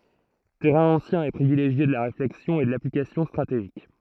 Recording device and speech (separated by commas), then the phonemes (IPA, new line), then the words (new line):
throat microphone, read sentence
tɛʁɛ̃ ɑ̃sjɛ̃ e pʁivileʒje də la ʁeflɛksjɔ̃ e də laplikasjɔ̃ stʁateʒik
Terrain ancien et privilégié de la réflexion et de l'application stratégique.